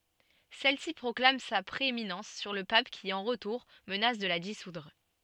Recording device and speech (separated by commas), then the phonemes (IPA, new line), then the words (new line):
soft in-ear microphone, read sentence
sɛlsi pʁɔklam sa pʁeeminɑ̃s syʁ lə pap ki ɑ̃ ʁətuʁ mənas də la disudʁ
Celle-ci proclame sa prééminence sur le pape qui, en retour, menace de la dissoudre.